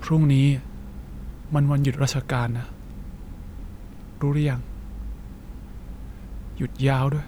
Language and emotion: Thai, frustrated